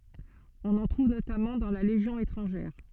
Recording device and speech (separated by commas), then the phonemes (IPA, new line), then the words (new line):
soft in-ear microphone, read sentence
ɔ̃n ɑ̃ tʁuv notamɑ̃ dɑ̃ la leʒjɔ̃ etʁɑ̃ʒɛʁ
On en trouve notamment dans la Légion étrangère.